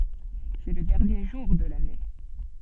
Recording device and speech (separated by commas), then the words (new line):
soft in-ear microphone, read sentence
C'est le dernier jour de l'année.